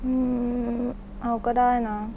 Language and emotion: Thai, frustrated